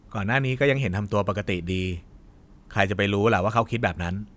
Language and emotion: Thai, neutral